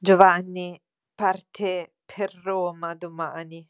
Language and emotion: Italian, disgusted